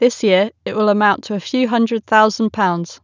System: none